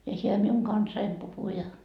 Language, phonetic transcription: Finnish, ja siel miuŋ 'kansaim puhu ja .
- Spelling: ja siellä minun kanssani puhui ja

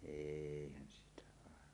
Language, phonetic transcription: Finnish, 'êihän sitä àevan .
- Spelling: eihän sitä aivan

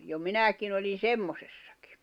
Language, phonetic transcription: Finnish, jo 'minä̀kin ‿olin̬ "semmosessᴀkɪ .
- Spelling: jo minäkin olin semmoisessakin

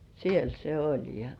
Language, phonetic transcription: Finnish, siel se 'oĺ ja ,.
- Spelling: siellä se oli ja

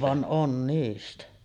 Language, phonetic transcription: Finnish, van '’on 'niistä .
- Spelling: vaan on niistä

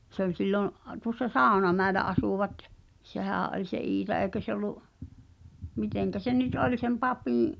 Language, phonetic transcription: Finnish, se ‿ol 'sillo’ , tuŏssa "Sàu̬namäelä 'asùvat , "sehä̀’ ’oĺ se 'Iita èi̬kö se ‿ol̆lu’ , 'miteŋkä 'se nyt "oĺ sem 'papìḭ’ ,.
- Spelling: se oli silloin tuossa Saunamäellä asuivat sehän oli se Iita eikö se ollut miten se nyt oli sen papin

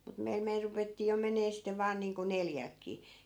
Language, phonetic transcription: Finnish, mut meil 'meil rupettii jo 'menee sittev̆ 'vaan niiŋko 'neljälkkii .
- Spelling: mutta meillä meillä ruvettiin jo menemään sitten vain niin kuin neljältäkin

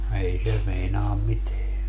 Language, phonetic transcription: Finnish, 'ei se 'meinaam "miteä .
- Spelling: ei se meinaa mitään

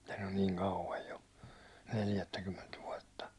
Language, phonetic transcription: Finnish, (siithän) on niin 'kauvaj jo , 'neljättäkymment 'vuåtta .
- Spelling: siitähän on niin kauan jo neljättäkymmentä vuotta

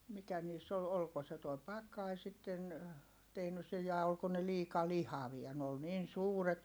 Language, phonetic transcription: Finnish, mikä niiss ‿ol- olko se tuo pak̆kai sitten , tehnys sej ja olko ne liika lihavia(.) n ‿ol niin suuret , .
- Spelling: mikä niissä oli oliko se tuo pakkanen sitten tehnyt sen ja oliko ne liika lihavia ne oli niin suuret

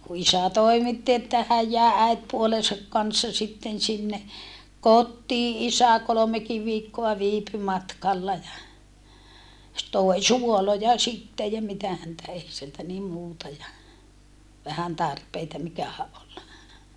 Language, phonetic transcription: Finnish, ku isä toimitti että häj jä̀e äitpuolesak kanssa sitten sinne , kottii isä kolomekiv viikkoa viipy matkalla ja , s(e) toi suoloja sittej ja mitä häntä ei sieltä nim muuta ja , vähän tarpeita mikähä ʼol .
- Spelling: kun isä toimitti että hän jäi äitipuolensa kanssa sitten sinne kotiin isä kolmekin viikkoa viipyi matkalla ja se toi suoloja sitten ja mitä häntä ei sieltä niin muuta ja vähän tarpeita mikähän oli

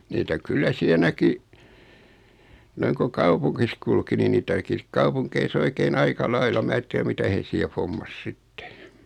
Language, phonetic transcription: Finnish, niitä 'kyllä 'siɛ näki , 'noiŋ ko "kaupuŋkis 'kulki ni 'niitä näki 'sik "kaupuŋkei's ‿oike"n ‿aika "laila 'mää (si)t tiä "mitä hee siɛ 'fommas 'sittᴇ .
- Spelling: niitä kyllä siellä näki noin kun kaupungissa kulki niin niitä näki sitten kaupungeissa oikein aika lailla minä sitä tiedä mitä he siellä hommasi sitten

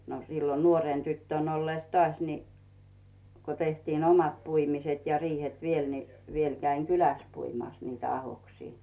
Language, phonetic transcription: Finnish, no sillo 'nuorèn 'tyttö̀n ollès "tᵒàś ni , ko tehtiin "omat 'puimiset ja 'riihet "viel ni , 'viel käiŋ "kylä̀s 'puimàs niitä 'ahoksii .
- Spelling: no silloin nuoren tyttönä ollessa taas niin kun tehtiin omat puimiset ja riihet vielä niin vielä kävin kylässä puimassa niitä ahdoksia

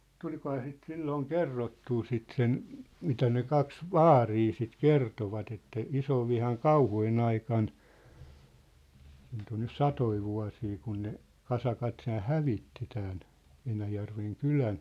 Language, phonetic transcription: Finnish, 'tuĺ̳kohaa sit 'sillooŋ "kerrottuu 'sit 'sen , 'mitä ne 'kaks "vaarii sit "kertovat ‿että , "isovvihan "kauhujen ‿aikan , siint ‿on nys "satoi 'vua̭sii kun ne , "kasakat t̳hʰään̬ "hävitti tään , 'Enäjärveŋ "kylän .
- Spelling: tulikohan sitä silloin kerrottua sitä sen mitä ne kaksi vaaria sitten kertoivat että isonvihan kauhujen aikana siitä on nyt satoja vuosia kun ne kasakat tämän hävitti tämän Enäjärven kylän

